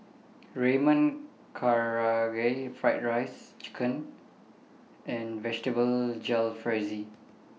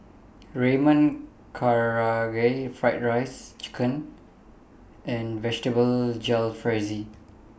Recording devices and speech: mobile phone (iPhone 6), boundary microphone (BM630), read sentence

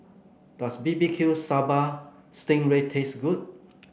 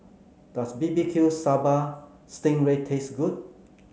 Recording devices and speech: boundary microphone (BM630), mobile phone (Samsung C9), read sentence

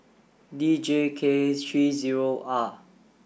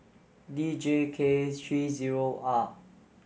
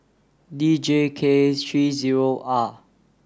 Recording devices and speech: boundary microphone (BM630), mobile phone (Samsung S8), standing microphone (AKG C214), read sentence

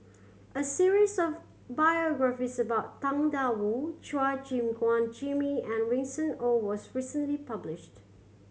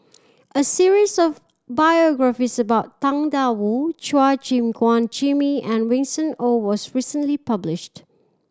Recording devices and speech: mobile phone (Samsung C7100), standing microphone (AKG C214), read sentence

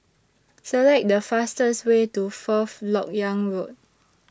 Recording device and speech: standing microphone (AKG C214), read sentence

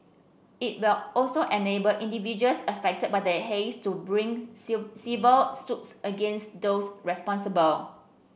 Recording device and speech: boundary microphone (BM630), read sentence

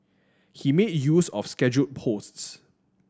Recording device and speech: standing microphone (AKG C214), read sentence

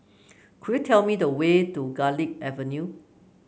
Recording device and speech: mobile phone (Samsung C9), read sentence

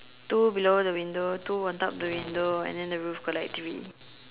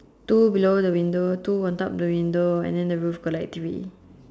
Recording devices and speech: telephone, standing microphone, conversation in separate rooms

